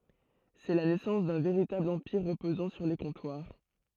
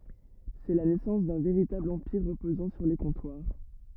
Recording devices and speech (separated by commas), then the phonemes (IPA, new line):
throat microphone, rigid in-ear microphone, read sentence
sɛ la nɛsɑ̃s dœ̃ veʁitabl ɑ̃piʁ ʁəpozɑ̃ syʁ le kɔ̃twaʁ